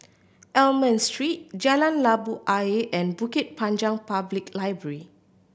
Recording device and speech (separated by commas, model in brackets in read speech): boundary microphone (BM630), read sentence